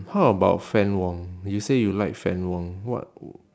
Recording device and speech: standing microphone, conversation in separate rooms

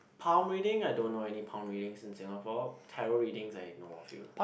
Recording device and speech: boundary microphone, conversation in the same room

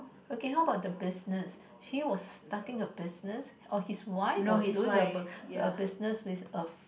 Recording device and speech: boundary microphone, conversation in the same room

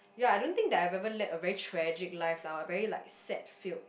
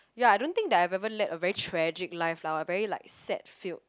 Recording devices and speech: boundary microphone, close-talking microphone, conversation in the same room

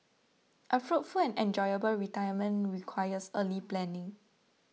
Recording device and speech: mobile phone (iPhone 6), read sentence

